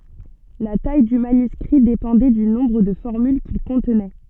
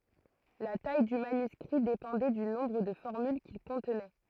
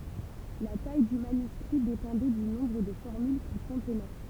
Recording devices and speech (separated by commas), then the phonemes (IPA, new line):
soft in-ear microphone, throat microphone, temple vibration pickup, read sentence
la taj dy manyskʁi depɑ̃dɛ dy nɔ̃bʁ də fɔʁmyl kil kɔ̃tnɛ